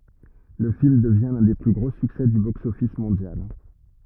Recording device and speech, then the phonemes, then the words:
rigid in-ear microphone, read sentence
lə film dəvjɛ̃ lœ̃ de ply ɡʁo syksɛ dy boksɔfis mɔ̃djal
Le film devient l'un des plus gros succès du box-office mondial.

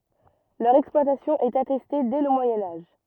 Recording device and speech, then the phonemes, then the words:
rigid in-ear microphone, read sentence
lœʁ ɛksplwatasjɔ̃ ɛt atɛste dɛ lə mwajɛ̃ aʒ
Leur exploitation est attestée dès le Moyen Âge.

